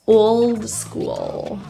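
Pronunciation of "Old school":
The L in both 'old' and 'school' is fully pronounced.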